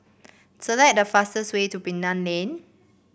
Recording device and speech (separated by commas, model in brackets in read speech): boundary microphone (BM630), read sentence